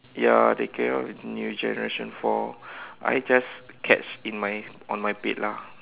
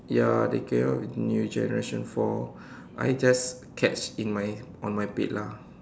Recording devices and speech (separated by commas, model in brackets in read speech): telephone, standing microphone, conversation in separate rooms